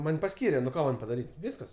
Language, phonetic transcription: Lithuanian, ˈman' paˈskyre nu ˈko ˈman' padaˈryt' ˈviskas

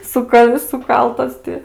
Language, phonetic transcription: Lithuanian, ˈsuka suˈkaltas ti

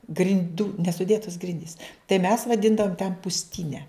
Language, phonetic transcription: Lithuanian, grin'ˈdų nesuˈdėtos ˈgrindys tai mes vaˈdindavom ten pusˈtyne

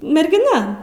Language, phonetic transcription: Lithuanian, mergiˈna

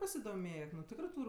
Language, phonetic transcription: Lithuanian, pasidoˈmėk nu ˈtikrɜ ˈtūr'

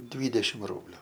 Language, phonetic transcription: Lithuanian, ˈdvydešim ˈrūbliu

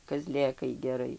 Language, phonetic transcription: Lithuanian, kaˈzlėkai geˈrai

